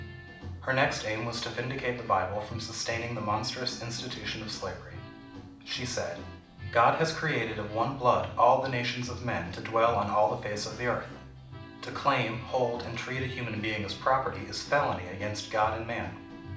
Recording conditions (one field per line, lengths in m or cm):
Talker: one person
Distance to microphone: 2.0 m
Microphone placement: close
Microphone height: 99 cm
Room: medium-sized (5.7 m by 4.0 m)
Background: music